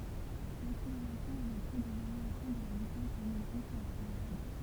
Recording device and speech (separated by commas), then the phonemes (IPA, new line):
temple vibration pickup, read sentence
lakseleʁasjɔ̃ ɛ lə to də vaʁjasjɔ̃ də la vitɛs dœ̃n ɔbʒɛ syʁ la peʁjɔd